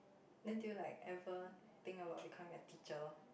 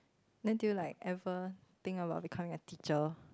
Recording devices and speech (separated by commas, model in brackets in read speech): boundary microphone, close-talking microphone, conversation in the same room